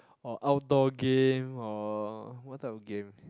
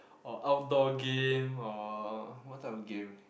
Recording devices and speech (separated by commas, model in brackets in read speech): close-talking microphone, boundary microphone, conversation in the same room